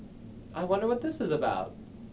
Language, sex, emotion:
English
male
happy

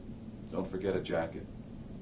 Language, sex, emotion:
English
male
neutral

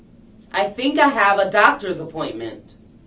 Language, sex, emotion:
English
female
neutral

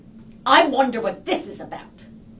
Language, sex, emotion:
English
female
angry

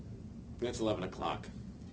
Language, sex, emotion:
English
male
neutral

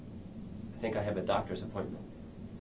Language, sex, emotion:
English
male
neutral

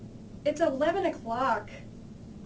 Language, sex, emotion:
English
female
disgusted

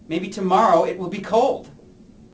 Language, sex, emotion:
English
male
disgusted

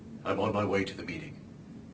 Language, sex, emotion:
English
male
neutral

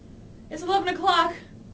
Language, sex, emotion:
English
female
fearful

